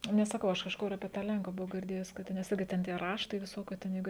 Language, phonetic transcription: Lithuanian, nes saˈkau ˈaš kažˈkur apie ˈtą ˈlenku buˈvau girˈdėjus kad ˈten ˈigi ˈten tie ˈraštai viˈsokių ten jeiˈgu

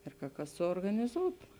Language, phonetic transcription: Lithuanian, ir ka ˈkas suorganiˈzūtu

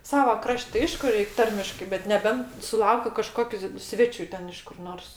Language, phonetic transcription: Lithuanian, ˈsava ˈkraš't' ti ˈaišku ˈreik' ˈtarmiškai bet neˈbent suˈlaukiu kaˈžkokiu ˈsvečiu ˈten iš kur ˈnors

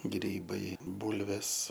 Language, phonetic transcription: Lithuanian, ˈgrybai ˈbūlvės

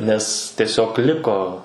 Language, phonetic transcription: Lithuanian, nes tieˈsiog ˈliko

